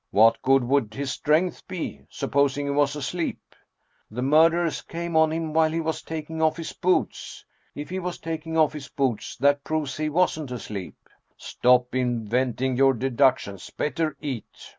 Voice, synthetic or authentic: authentic